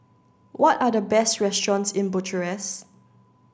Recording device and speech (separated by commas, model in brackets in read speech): standing microphone (AKG C214), read sentence